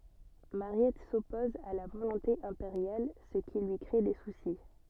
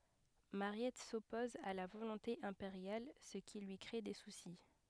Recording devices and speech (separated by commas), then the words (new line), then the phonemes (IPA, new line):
soft in-ear microphone, headset microphone, read sentence
Mariette s’oppose à la volonté impériale, ce qui lui crée des soucis.
maʁjɛt sɔpɔz a la volɔ̃te ɛ̃peʁjal sə ki lyi kʁe de susi